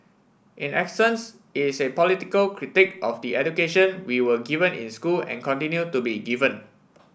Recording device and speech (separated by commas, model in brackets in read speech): boundary microphone (BM630), read sentence